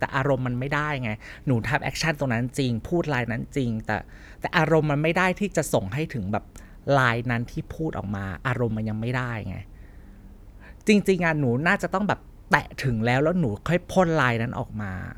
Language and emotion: Thai, frustrated